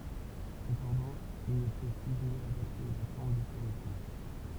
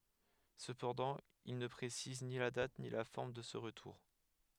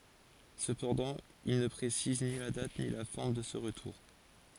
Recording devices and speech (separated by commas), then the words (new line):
temple vibration pickup, headset microphone, forehead accelerometer, read sentence
Cependant, il ne précise ni la date ni la forme de ce retour.